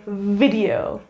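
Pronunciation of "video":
'Video' is pronounced correctly here.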